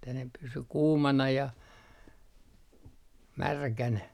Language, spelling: Finnish, että ne pysyi kuumana ja märkänä
- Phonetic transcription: että ne pysy 'kuumana ja , "märkänä .

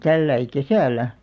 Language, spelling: Finnish, tällä lailla kesällä
- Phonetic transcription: 'tälläi "kesä̀lä .

